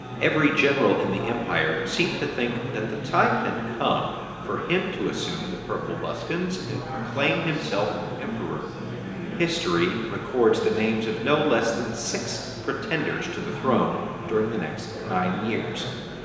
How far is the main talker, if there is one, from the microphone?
1.7 m.